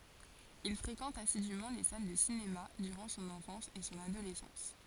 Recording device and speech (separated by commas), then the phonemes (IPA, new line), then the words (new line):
forehead accelerometer, read sentence
il fʁekɑ̃t asidymɑ̃ le sal də sinema dyʁɑ̃ sɔ̃n ɑ̃fɑ̃s e sɔ̃n adolɛsɑ̃s
Il fréquente assidument les salles de cinéma durant son enfance et son adolescence.